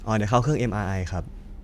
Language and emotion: Thai, neutral